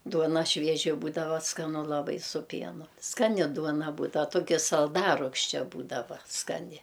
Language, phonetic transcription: Lithuanian, ˈduona ˈšvieži ˈbūdava skaˈnu laˈbai su ˈpienu skaˈni ˈduona ˈbūdav ˈtoki salˈdarugščia ˈbūdava skaˈni

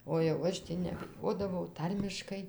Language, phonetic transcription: Lithuanian, o jau ˈaš tį nebiˈjodavau ˈtarmiškai

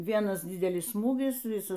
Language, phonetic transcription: Lithuanian, ˈvienas ˈdidelis ˈsmūgis ˈvisas

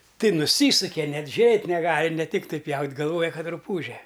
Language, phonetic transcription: Lithuanian, ˈtai nuˈsysuke ˈnet ˈžiurėt' neˈgali ne ˈtiktai ˈpjaut' galˈvoja ˈkad ruˈpūže

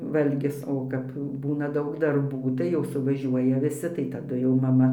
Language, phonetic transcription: Lithuanian, ˈvalgis ˈo kap ˈbūna ˈdaug darˈbų tai jau suvaˈžiuoja viˈsi tai taˈdu jau maˈma

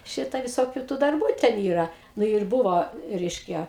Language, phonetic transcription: Lithuanian, ˈšita viˈsokiu tų darˈbų ten ˈyra ˈnu ir ˈbuvo ˈreiškia

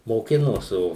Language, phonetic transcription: Lithuanian, moˈkinos ˈo

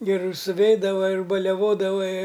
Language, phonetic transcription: Lithuanian, geˈru suˈveidava ir baliaˈvodava i

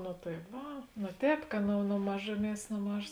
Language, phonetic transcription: Lithuanian, no tai ˈva no ˈtēp ka nu nu ˈmažuˌmies no ˈmažos

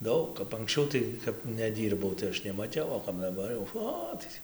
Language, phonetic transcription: Lithuanian, ˈdaug kap anksˈčiau tai kap neˈdyrbau tai ˈaš nemaˈtiau o kap daˈbar jau ˈo tai tį

